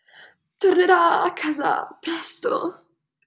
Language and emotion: Italian, fearful